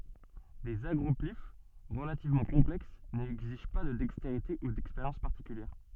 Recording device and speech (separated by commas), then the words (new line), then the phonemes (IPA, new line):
soft in-ear microphone, read sentence
Des agroplyphes relativement complexes n'exigent pas de dextérité ou d'expérience particulière.
dez aɡʁɔplif ʁəlativmɑ̃ kɔ̃plɛks nɛɡziʒ pa də dɛksteʁite u dɛkspeʁjɑ̃s paʁtikyljɛʁ